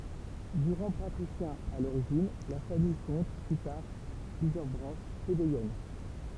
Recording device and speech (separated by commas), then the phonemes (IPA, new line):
temple vibration pickup, read sentence
də ʁɑ̃ patʁisjɛ̃ a loʁiʒin la famij kɔ̃t ply taʁ plyzjœʁ bʁɑ̃ʃ plebejɛn